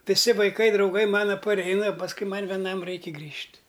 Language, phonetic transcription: Lithuanian, viˈsi vaiˈkai drauˈgai ˈmana paˈreina pasˈkui ˈman veˈnam ˈraiki ˈgrįžt'

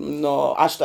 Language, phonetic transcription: Lithuanian, ˈno ˈaš ta

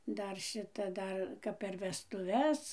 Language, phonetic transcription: Lithuanian, ˈdar ˈšita ˈdar ˈkap per vestuˈves

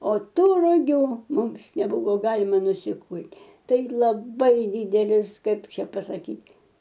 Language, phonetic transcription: Lithuanian, o ˈtų ruˈgių ˈmums neˈbuvo ˈgalima nusiˈkult' ˈtai laˈbai ˈdydelis ˈkaip ˈčia pasaˈkyt'

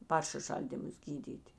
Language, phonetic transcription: Lithuanian, ˈparšiˌšaldymus ˈgydyti

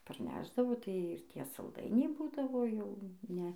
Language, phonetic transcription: Lithuanian, parˈnešdavo tai ir ˈtie salˈdainiai ˈbūdavo ˈjau ˈne

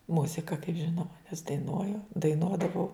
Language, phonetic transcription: Lithuanian, ˈmuzika kaip ˈžinoma nes daiˈnuoju daiˈnuodavau

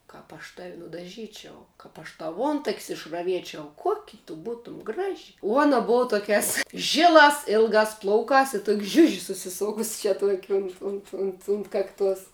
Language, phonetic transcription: Lithuanian, ˈkap aš tav' nudaˈžyčiau ˈkap aš ˈtau ˈuontak's' išraˈviečiau ˈkuoki tu ˈbūtum ˈgraži uo ˈuona ˈbuva ˈtokiās ˈžilās ˈilgās ˈplaukās i tuk' ˈžiuži susiˈsokus čia tuok' unt ˈunt unt unt ˈkakˌtuos

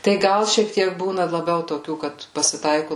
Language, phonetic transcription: Lithuanian, tai ˈgal šiek ˈtiek ˈbūna laˈbiau toˈkių ˈkad pasiˈtaiku

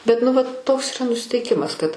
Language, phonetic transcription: Lithuanian, bet nu ˈvat ˈtoks yˈra nusiteiˈkimas kad

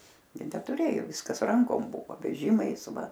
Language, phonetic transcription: Lithuanian, gi netuˈrėjo ˈviskas ˈrankom ˈbuvo veˈžimais ˈva

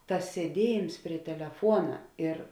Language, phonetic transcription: Lithuanian, ˈtas sieˈdiejėms prie teleˈfuona ir

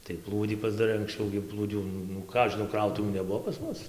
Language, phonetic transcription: Lithuanian, tai ˈplūdį pasdaˈrai anksˈčiau gi plūˈdių nu nu ˈką aš žiˈnau ˈkrautuvių neˈbuvo pas ˈmus

